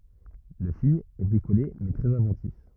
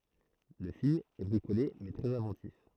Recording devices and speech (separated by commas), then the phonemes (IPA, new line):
rigid in-ear microphone, throat microphone, read sentence
lə film ɛ bʁikole mɛ tʁɛz ɛ̃vɑ̃tif